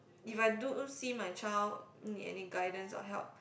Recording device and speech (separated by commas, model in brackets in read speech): boundary microphone, conversation in the same room